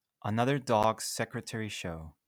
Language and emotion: English, happy